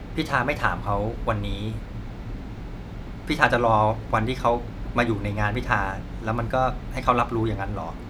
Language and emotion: Thai, frustrated